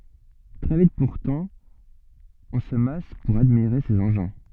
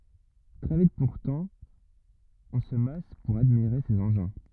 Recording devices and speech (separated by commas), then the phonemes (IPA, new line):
soft in-ear microphone, rigid in-ear microphone, read sentence
tʁɛ vit puʁtɑ̃ ɔ̃ sə mas puʁ admiʁe sez ɑ̃ʒɛ̃